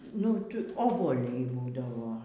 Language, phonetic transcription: Lithuanian, nu ˈtu obuoˈliai ˈbūdavo

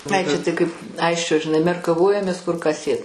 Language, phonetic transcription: Lithuanian, ˈai ˈčia tai kaip ˈaisčio žiˈnai merkaˈvojamės kur ką ˈsėt

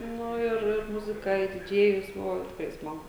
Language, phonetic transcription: Lithuanian, ˈnu ir ir ˈmuzika i diˈdžėjus ˈbuvo ˈtikrai ˈsmagu

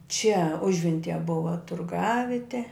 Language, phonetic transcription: Lithuanian, čia ˈužventije ˈbuva turˈgavite

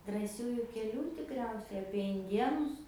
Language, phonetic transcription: Lithuanian, drąˈsiųju keˈlių tikˈriausiai apie inˈdienus

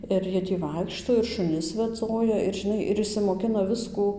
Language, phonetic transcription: Lithuanian, ir ˈjie ˈtį ˈvaikšto ir šuˈnis veˈdzoja ir žiˈnai ir išsimoˈkina ˈviskų

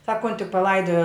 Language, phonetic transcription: Lithuanian, ˈsakonti paˈlaidojo

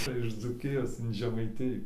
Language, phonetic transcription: Lithuanian, ˈcia iš dzūˈkijos in žemaiˈtijų

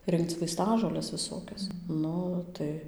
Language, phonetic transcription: Lithuanian, ˈrinkc vaiˈstažoles viˈsokias ˈnu tai

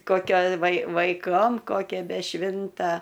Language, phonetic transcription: Lithuanian, koˈkio vai vaiˈkom koˈkia be ˈšvinta

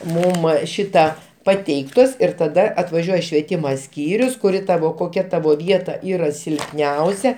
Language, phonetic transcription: Lithuanian, ˈmum ˈšita paˈteiktos ir taˈda atvaˈžiuoja švieˈtimo ˈskyrius kuˈri ˈtavo koˈkia ˈtavo ˈvieta ˈyra silpˈniausia

